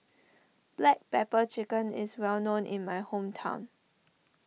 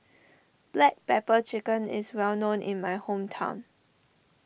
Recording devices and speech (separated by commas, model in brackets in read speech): mobile phone (iPhone 6), boundary microphone (BM630), read sentence